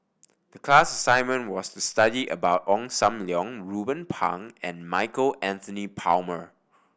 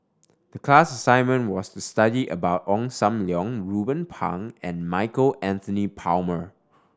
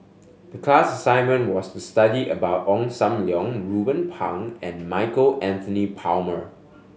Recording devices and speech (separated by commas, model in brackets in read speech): boundary microphone (BM630), standing microphone (AKG C214), mobile phone (Samsung S8), read sentence